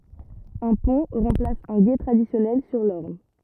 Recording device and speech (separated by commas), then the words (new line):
rigid in-ear microphone, read sentence
Un pont remplace un gué traditionnel sur l'Orne.